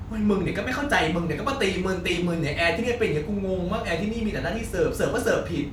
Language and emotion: Thai, frustrated